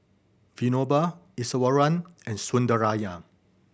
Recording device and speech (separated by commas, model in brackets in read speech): boundary microphone (BM630), read sentence